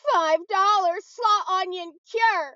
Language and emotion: English, sad